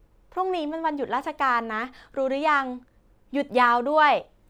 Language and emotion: Thai, neutral